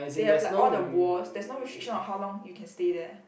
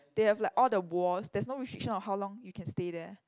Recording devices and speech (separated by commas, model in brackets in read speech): boundary microphone, close-talking microphone, conversation in the same room